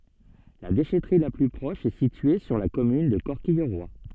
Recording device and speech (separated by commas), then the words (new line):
soft in-ear microphone, read sentence
La déchèterie la plus proche est située sur la commune de Corquilleroy.